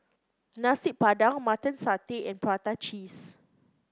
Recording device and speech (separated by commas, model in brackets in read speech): close-talking microphone (WH30), read sentence